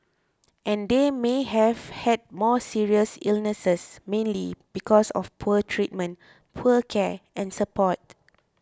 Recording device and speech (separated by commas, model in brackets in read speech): close-talking microphone (WH20), read sentence